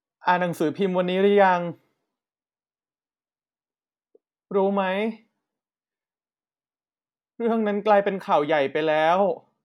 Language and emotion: Thai, sad